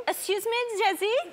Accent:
french accent